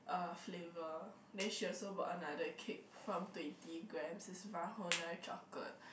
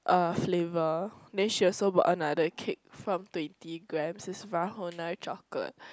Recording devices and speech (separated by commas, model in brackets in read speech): boundary microphone, close-talking microphone, conversation in the same room